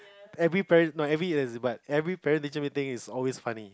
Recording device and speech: close-talking microphone, conversation in the same room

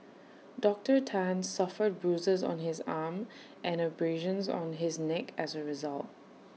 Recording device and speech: mobile phone (iPhone 6), read sentence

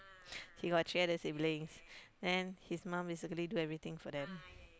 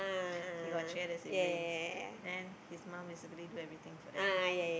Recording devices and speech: close-talking microphone, boundary microphone, conversation in the same room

